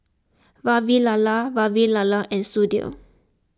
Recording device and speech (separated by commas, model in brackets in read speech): close-talking microphone (WH20), read sentence